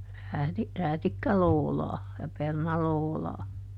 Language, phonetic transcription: Finnish, ˈrääti- , ˈräätikkä"loolaa , ja ˈperna"loolaa .
- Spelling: - räätikkälootaa ja perunalootaa

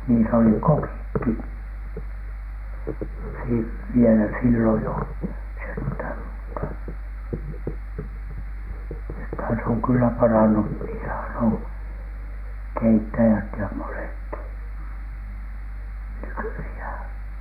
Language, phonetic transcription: Finnish, niis ‿oli "kokikki , si- , vielä , 'silloj jo , 'senthä̀m mutta , nythän s ‿oŋ 'kyllä 'paran̳n̳u , niisähän oŋ , "keittäjät ja 'monekki , 'nykyihä̀N .
- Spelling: niissä oli kokitkin - vielä silloin jo sentään mutta nythän se on kyllä parantunut niissähän on keittäjät ja monetkin nykyisin

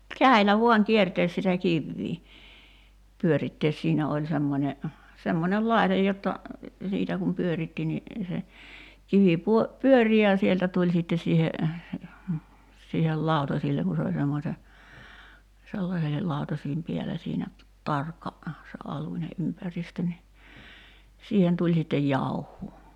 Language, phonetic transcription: Finnish, "käi̬llä 'vuaŋ 'kiertees sitä 'kivvii , 'pyörittees 'siinä oĺ 'semmońe , 'semmońel "lai̬tej jotta , "siitä kum 'pyöritti ni , se , 'kivi puo- , "pyöri ja 'sieltä tuĺ 'sittes siihe , siihel "làutasilleŋ ku se oĺ 'semmose , ('sellasehel) 'lautasiim 'piälä siinä , "tarkka , se '’aluńe '’ympäristö ni , "siihen tuĺ sittej 'jauh̆huu .
- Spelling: käsillä vain kiertää sitä kiveä pyörittää siinä oli semmoinen semmoinen laite jotta siitä kun pyöritti niin se kivi - pyöri ja sieltä tuli sitten siihen siihen lautasille kun se oli semmoisen sellaisen lautasien päällä siinä tarkka se alunen ympäristö niin siihen tuli sitten jauhoa

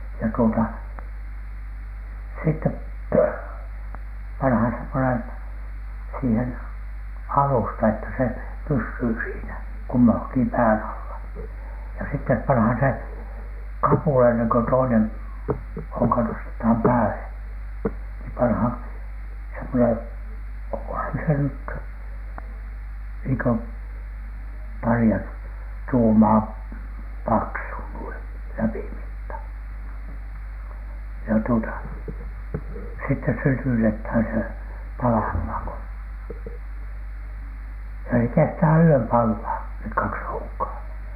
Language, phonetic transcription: Finnish, ja tuota , sittep panhan semmonen , siihen "alusta että se "pyssyy siinä , 'kummaŋki 'pään alla , ja sittep panhan se , "kapùla enneŋ ko toinen , 'hoŋka nostetham 'pääle , nii 'panhan , semmonen , oŋkohan se nyt , niiŋ kö 'pari₍a , 'tuumaa , "paksu nuin , "läpimitta , ja tuota , sitte 'sytytethän se , "palahmàŋ ko , ja se kestää "yöm pallaa , nek "kaks 'hoŋkaa .
- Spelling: ja tuota sitten pannaan semmoinen siihen alusta että se pysyy siinä kummankin pään alla ja sitten pannaan se kapula ennen kuin toinen honka nostetaan päälle niin pannaan semmoinen onkohan se nyt niin kuin paria tuumaa paksu noin läpimitta ja tuota sitten sytytetään se palamaan kun ja se kestää yön palaa ne kaksi honkaa

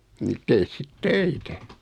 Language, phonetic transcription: Finnish, nit 'tees 'sit "töitä !
- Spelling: niin tee sitten töitä

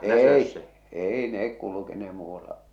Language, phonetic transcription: Finnish, 'èi , 'èi nek kulukenehᴇ muu₍alla .
- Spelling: ei ei ne kulkeneet muualla

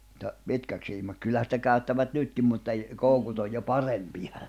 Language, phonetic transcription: Finnish, ta , 'pitkäk siimak[s] 'kyllähä sⁱtä käy̬ttävät 'nytkim mutta i- , 'kòukut ‿oj jo "parempija .
- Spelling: mutta pitkäksi siimaksi kyllähän sitä käyttävät nytkin mutta - koukut on jo parempia

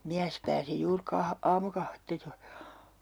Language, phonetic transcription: Finnish, 'miäs pääsi juur 'ka- , 'aamukahvetta joi .
- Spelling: mies pääsi juuri - aamukahvia joi

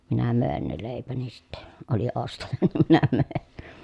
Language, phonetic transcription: Finnish, minä mö̀en ne lèipäni sitte , oli ostaja nim minä mö̀en .
- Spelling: minä möin ne leipäni sitten oli ostaja niin minä möin

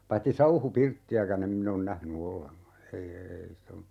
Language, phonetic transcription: Finnish, 'paitti "sauhu"pirtti₍äkä'n ‿em min ‿on "nähny 'olleŋka , 'ei eei (sit ‿o) ,.
- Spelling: paitsi sauhupirttiäkään en minä ole nähnyt ollenkaan ei ei sitä ole

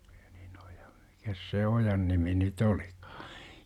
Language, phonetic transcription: Finnish, -INOJA , Mikäs se "ojan 'nimi ny"t ‿olikAA ?
- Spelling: - mikäs se ojan nimi nyt olikaan

